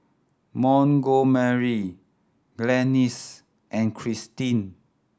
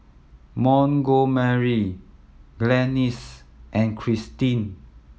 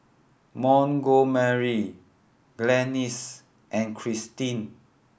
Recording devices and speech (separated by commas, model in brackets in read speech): standing microphone (AKG C214), mobile phone (iPhone 7), boundary microphone (BM630), read sentence